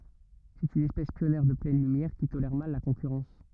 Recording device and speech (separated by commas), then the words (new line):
rigid in-ear microphone, read sentence
C'est une espèce pionnière de pleine lumière qui tolère mal la concurrence.